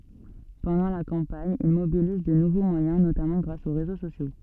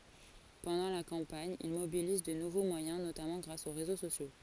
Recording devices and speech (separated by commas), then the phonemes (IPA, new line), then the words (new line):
soft in-ear microphone, forehead accelerometer, read sentence
pɑ̃dɑ̃ la kɑ̃paɲ il mobiliz də nuvo mwajɛ̃ notamɑ̃ ɡʁas o ʁezo sosjo
Pendant la campagne, il mobilise de nouveaux moyens notamment grâce aux réseaux sociaux.